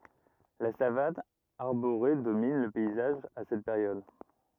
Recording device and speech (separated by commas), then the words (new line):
rigid in-ear microphone, read sentence
La savane arborée domine le paysage à cette période.